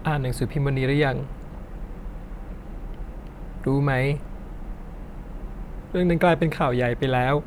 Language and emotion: Thai, sad